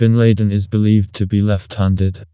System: TTS, vocoder